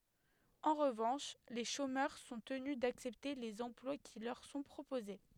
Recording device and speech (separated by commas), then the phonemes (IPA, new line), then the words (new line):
headset microphone, read sentence
ɑ̃ ʁəvɑ̃ʃ le ʃomœʁ sɔ̃ təny daksɛpte lez ɑ̃plwa ki lœʁ sɔ̃ pʁopoze
En revanche, les chômeurs sont tenus d’accepter les emplois qui leur sont proposés.